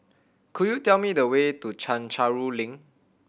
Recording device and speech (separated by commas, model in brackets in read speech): boundary microphone (BM630), read sentence